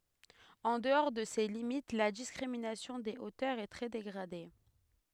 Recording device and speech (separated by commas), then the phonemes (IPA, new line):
headset microphone, read sentence
ɑ̃ dəɔʁ də se limit la diskʁiminasjɔ̃ de otœʁz ɛ tʁɛ deɡʁade